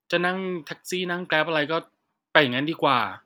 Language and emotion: Thai, frustrated